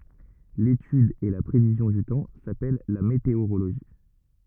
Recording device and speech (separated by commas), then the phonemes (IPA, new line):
rigid in-ear microphone, read sentence
letyd e la pʁevizjɔ̃ dy tɑ̃ sapɛl la meteoʁoloʒi